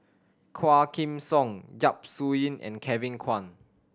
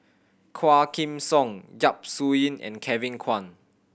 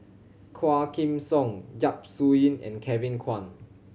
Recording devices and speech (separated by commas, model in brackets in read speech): standing microphone (AKG C214), boundary microphone (BM630), mobile phone (Samsung C7100), read sentence